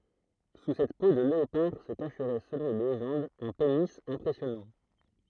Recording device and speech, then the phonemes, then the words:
throat microphone, read sentence
su sɛt po də leopaʁ sə kaʃʁɛ səlɔ̃ le leʒɑ̃dz œ̃ peni ɛ̃pʁɛsjɔnɑ̃
Sous cette peau de léopard se cacherait selon les légendes, un pénis impressionnant.

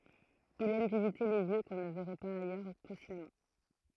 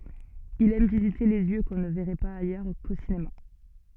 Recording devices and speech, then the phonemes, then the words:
throat microphone, soft in-ear microphone, read sentence
il ɛm vizite de ljø kɔ̃ nə vɛʁɛ paz ajœʁ ko sinema
Il aime visiter des lieux qu’on ne verrait pas ailleurs qu’au cinéma.

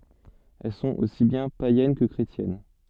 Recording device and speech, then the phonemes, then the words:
soft in-ear microphone, read sentence
ɛl sɔ̃t osi bjɛ̃ pajɛn kə kʁetjɛn
Elles sont aussi bien païennes que chrétiennes.

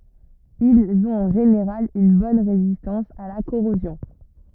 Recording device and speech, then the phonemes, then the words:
rigid in-ear microphone, read sentence
ilz ɔ̃t ɑ̃ ʒeneʁal yn bɔn ʁezistɑ̃s a la koʁozjɔ̃
Ils ont en général une bonne résistance à la corrosion.

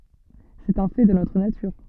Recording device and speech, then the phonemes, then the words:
soft in-ear microphone, read sentence
sɛt œ̃ fɛ də notʁ natyʁ
C'est un fait de notre nature.

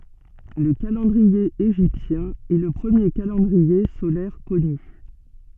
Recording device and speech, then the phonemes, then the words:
soft in-ear microphone, read sentence
lə kalɑ̃dʁie eʒiptjɛ̃ ɛ lə pʁəmje kalɑ̃dʁie solɛʁ kɔny
Le calendrier égyptien est le premier calendrier solaire connu.

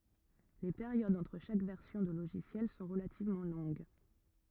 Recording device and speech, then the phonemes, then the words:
rigid in-ear microphone, read sentence
le peʁjodz ɑ̃tʁ ʃak vɛʁsjɔ̃ də loʒisjɛl sɔ̃ ʁəlativmɑ̃ lɔ̃ɡ
Les périodes entre chaque version de logiciel sont relativement longues.

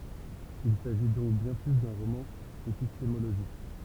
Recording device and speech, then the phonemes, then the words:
temple vibration pickup, read sentence
il saʒi dɔ̃k bjɛ̃ ply dœ̃ ʁomɑ̃ epistemoloʒik
Il s'agit donc bien plus d'un roman épistémologique.

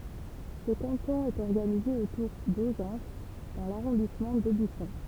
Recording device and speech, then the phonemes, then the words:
temple vibration pickup, read sentence
sə kɑ̃tɔ̃ ɛt ɔʁɡanize otuʁ dozɑ̃s dɑ̃ laʁɔ̃dismɑ̃ dobysɔ̃
Ce canton est organisé autour d'Auzances dans l'arrondissement d'Aubusson.

